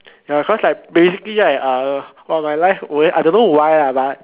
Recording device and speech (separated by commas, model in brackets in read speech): telephone, conversation in separate rooms